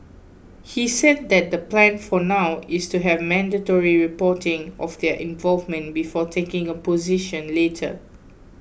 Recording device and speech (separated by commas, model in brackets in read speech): boundary microphone (BM630), read sentence